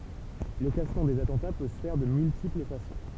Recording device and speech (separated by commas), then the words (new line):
temple vibration pickup, read sentence
Le classement des attentats peut se faire de multiples façons.